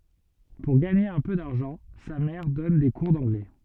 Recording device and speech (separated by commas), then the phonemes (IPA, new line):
soft in-ear microphone, read sentence
puʁ ɡaɲe œ̃ pø daʁʒɑ̃ sa mɛʁ dɔn de kuʁ dɑ̃ɡlɛ